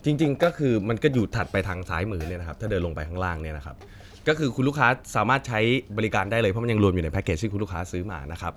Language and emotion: Thai, neutral